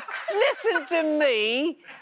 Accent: with British accent